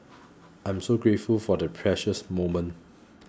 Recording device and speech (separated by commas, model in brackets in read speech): close-talking microphone (WH20), read sentence